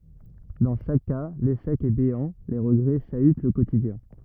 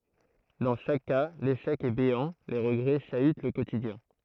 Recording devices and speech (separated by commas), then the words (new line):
rigid in-ear microphone, throat microphone, read sentence
Dans chaque cas, l'échec est béant, les regrets chahutent le quotidien.